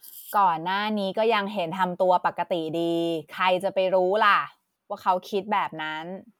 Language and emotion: Thai, frustrated